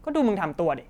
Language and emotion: Thai, angry